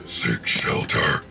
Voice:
deeply